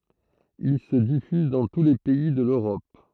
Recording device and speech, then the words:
throat microphone, read sentence
Ils se diffusent dans tous les pays de l'Europe.

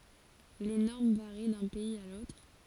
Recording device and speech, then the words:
forehead accelerometer, read sentence
Les normes varient d'un pays à l'autre.

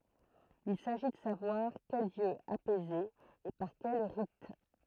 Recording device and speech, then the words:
throat microphone, read sentence
Il s'agit de savoir quel dieu apaiser et par quels rites.

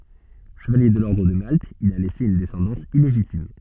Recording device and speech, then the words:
soft in-ear microphone, read sentence
Chevalier de l’Ordre de Malte, il a laissé une descendance illégitime.

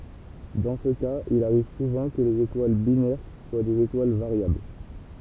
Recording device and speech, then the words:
temple vibration pickup, read sentence
Dans ce cas, il arrive souvent que les étoiles binaires soient des étoiles variables.

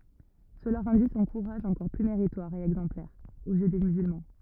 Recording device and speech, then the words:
rigid in-ear microphone, read sentence
Cela rendit son courage encore plus méritoire et exemplaire, aux yeux des musulmans.

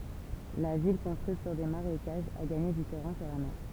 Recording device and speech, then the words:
temple vibration pickup, read sentence
La ville, construite sur des marécages, a gagné du terrain sur la mer.

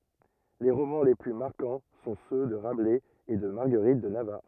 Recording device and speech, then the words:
rigid in-ear microphone, read sentence
Les romans les plus marquants sont ceux de Rabelais et de Marguerite de Navarre.

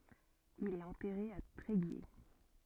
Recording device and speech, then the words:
soft in-ear microphone, read sentence
Il est enterré à Tréguier.

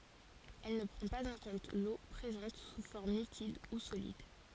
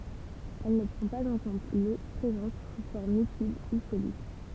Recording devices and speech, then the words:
forehead accelerometer, temple vibration pickup, read sentence
Elle ne prend pas en compte l'eau présente sous forme liquide ou solide.

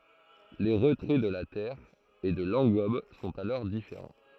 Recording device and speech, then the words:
throat microphone, read sentence
Les retraits de la terre et de l’engobe sont alors différents.

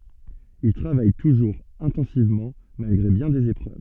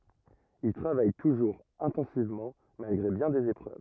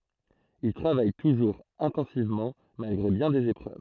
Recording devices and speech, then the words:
soft in-ear microphone, rigid in-ear microphone, throat microphone, read sentence
Il travaille toujours intensivement, malgré bien des épreuves.

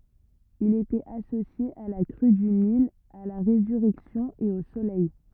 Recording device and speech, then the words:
rigid in-ear microphone, read sentence
Il était associé à la crue du Nil, à la résurrection et au Soleil.

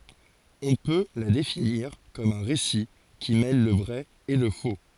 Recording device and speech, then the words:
forehead accelerometer, read sentence
On peut la définir comme un récit qui mêle le vrai et le faux.

